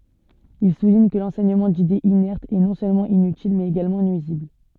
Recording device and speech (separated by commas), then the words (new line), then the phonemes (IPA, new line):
soft in-ear microphone, read sentence
Il souligne que l'enseignement d'idées inertes est, non seulement inutile, mais également nuisible.
il suliɲ kə lɑ̃sɛɲəmɑ̃ didez inɛʁtz ɛ nɔ̃ sølmɑ̃ inytil mɛz eɡalmɑ̃ nyizibl